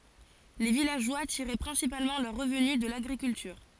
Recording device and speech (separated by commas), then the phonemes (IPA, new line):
forehead accelerometer, read sentence
le vilaʒwa tiʁɛ pʁɛ̃sipalmɑ̃ lœʁ ʁəvny də laɡʁikyltyʁ